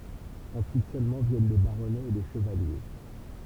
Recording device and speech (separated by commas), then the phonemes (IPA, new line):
temple vibration pickup, read sentence
ɑ̃syit sølmɑ̃ vjɛn le baʁɔnɛz e le ʃəvalje